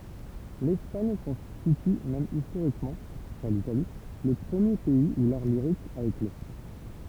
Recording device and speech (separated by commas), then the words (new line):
temple vibration pickup, read sentence
L’Espagne constitue même historiquement, après l’Italie, le premier pays où l’art lyrique a éclos.